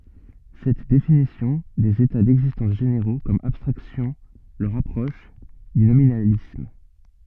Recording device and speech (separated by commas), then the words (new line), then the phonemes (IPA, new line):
soft in-ear microphone, read sentence
Cette définition des états d'existence généraux comme abstractions le rapproche du nominalisme.
sɛt definisjɔ̃ dez eta dɛɡzistɑ̃s ʒeneʁo kɔm abstʁaksjɔ̃ lə ʁapʁɔʃ dy nominalism